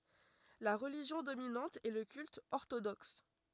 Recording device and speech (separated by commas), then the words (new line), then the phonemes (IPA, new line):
rigid in-ear microphone, read sentence
La religion dominante est le culte orthodoxe.
la ʁəliʒjɔ̃ dominɑ̃t ɛ lə kylt ɔʁtodɔks